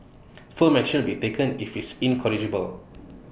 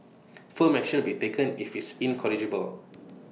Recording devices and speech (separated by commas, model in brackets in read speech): boundary microphone (BM630), mobile phone (iPhone 6), read sentence